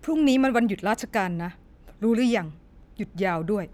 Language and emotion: Thai, frustrated